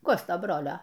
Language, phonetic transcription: Lithuanian, ˈkosto ˈbrolio

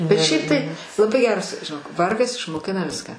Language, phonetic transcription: Lithuanian, bet ˈšiaip tai laˈbai ˈgeras žiˈnok ˈvargas išmoˈkina ˈviską

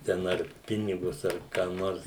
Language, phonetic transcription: Lithuanian, ten ˈar ˈpinigus ar ką ˈnors

